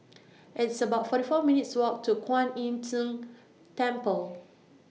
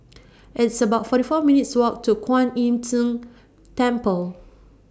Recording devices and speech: mobile phone (iPhone 6), standing microphone (AKG C214), read sentence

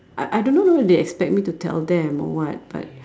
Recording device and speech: standing microphone, conversation in separate rooms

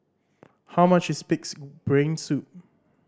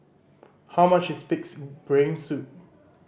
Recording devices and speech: standing microphone (AKG C214), boundary microphone (BM630), read sentence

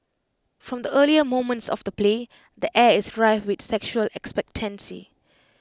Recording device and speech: close-talking microphone (WH20), read sentence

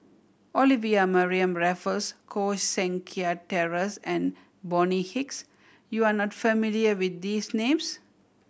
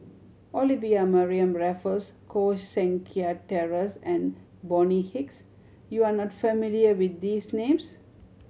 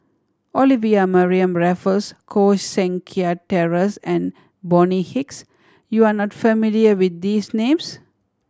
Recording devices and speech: boundary microphone (BM630), mobile phone (Samsung C7100), standing microphone (AKG C214), read sentence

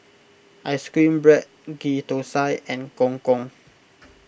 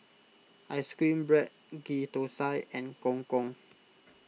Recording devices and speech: boundary microphone (BM630), mobile phone (iPhone 6), read sentence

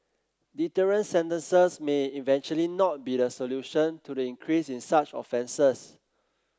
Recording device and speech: close-talking microphone (WH30), read sentence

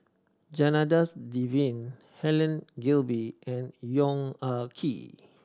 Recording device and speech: standing microphone (AKG C214), read sentence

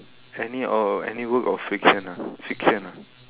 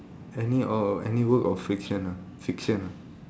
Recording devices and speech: telephone, standing microphone, conversation in separate rooms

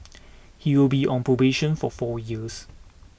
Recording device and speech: boundary microphone (BM630), read sentence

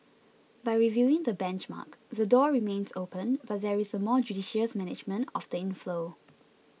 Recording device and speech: mobile phone (iPhone 6), read sentence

